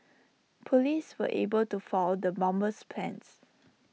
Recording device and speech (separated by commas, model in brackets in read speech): mobile phone (iPhone 6), read sentence